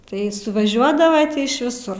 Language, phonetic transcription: Lithuanian, tai suvaˈžiuodava iš viˈsur

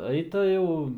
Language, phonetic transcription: Lithuanian, ˈaita jau

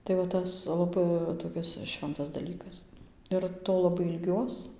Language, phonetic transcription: Lithuanian, tai va ˈtas laˈbai toˈkis ˈšventas daˈlykas ir ˈto laˈbai ilˈgiuos

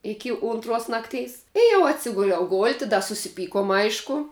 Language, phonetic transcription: Lithuanian, ˈiki ˈuntruos ˈnakˌteis i jau atˈsiguliau ˈgolti da susiˈpykom ˈaišku

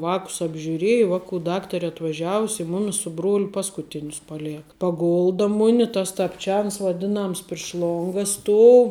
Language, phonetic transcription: Lithuanian, ˈvākus apžiuˈrieja ˈvaˌku ˈdaktare atvaˈžiavus' i ˈmumis su ˈbruoliu ˈpaskuˌtinius paˈlėka paˈgulda ˈmuni tas tapˈčians vaˈdinams priš ˈlonga ˈstuou

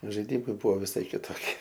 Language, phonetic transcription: Lithuanian, žaiˈdimai ˈbuvo viˈsai kitoˈkie

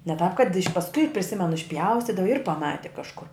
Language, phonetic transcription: Lithuanian, ne tāp kad iš' pasˈkui priˈsimenu išˈpjaustydava ir paˈmati kažˈkur

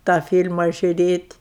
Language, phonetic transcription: Lithuanian, tą fyl'ma žiuˈrėt'

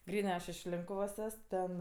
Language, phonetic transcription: Lithuanian, ˈgrynɜ ˈaš iš ˈlinkuvos ˈes ˈten

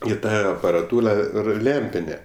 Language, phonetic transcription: Lithuanian, i ˈta aparaˈtūla ˈir ˈlempinė

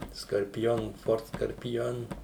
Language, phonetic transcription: Lithuanian, skarpiˈjon ˈford skarpiˈjon

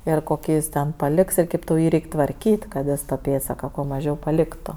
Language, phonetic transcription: Lithuanian, ir koˈkį jis ˈten paˈliks ir ˈkėp tau ˈjį ˈreik' tvarˈkyt' kad ˈjis ta ˈpėdsaka kuo maˈžiau paˈliktu

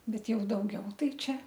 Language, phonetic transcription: Lithuanian, ˈbet ˈjau dauˈgiau ˈtai ˈčia

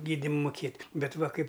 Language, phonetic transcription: Lithuanian, ˈgydim muˈkėt' bet va kaip

